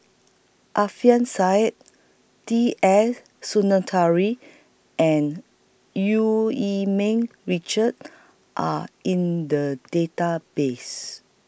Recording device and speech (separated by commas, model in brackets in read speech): boundary microphone (BM630), read sentence